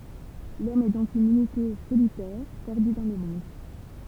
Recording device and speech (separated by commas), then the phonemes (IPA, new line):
temple vibration pickup, read sentence
lɔm ɛ dɔ̃k yn ynite solitɛʁ pɛʁdy dɑ̃ lə mɔ̃d